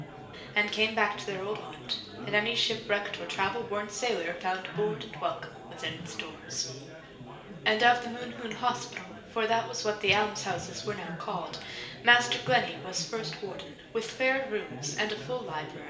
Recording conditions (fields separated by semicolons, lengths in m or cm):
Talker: one person; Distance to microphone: 1.8 m; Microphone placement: close; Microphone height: 1.0 m; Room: large; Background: babble